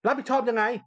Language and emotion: Thai, angry